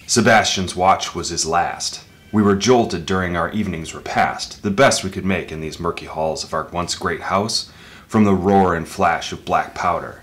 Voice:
spoken in a deep voice